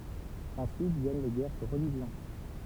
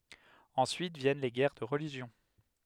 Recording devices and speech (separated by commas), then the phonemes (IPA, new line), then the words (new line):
temple vibration pickup, headset microphone, read sentence
ɑ̃syit vjɛn le ɡɛʁ də ʁəliʒjɔ̃
Ensuite viennent les guerres de religion.